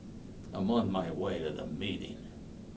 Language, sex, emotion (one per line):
English
male
disgusted